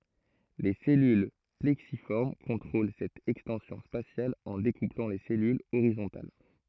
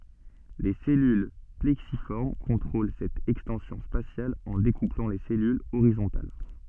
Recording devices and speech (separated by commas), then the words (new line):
throat microphone, soft in-ear microphone, read sentence
Les cellules plexiformes contrôlent cette extension spatiale en découplant les cellules horizontales.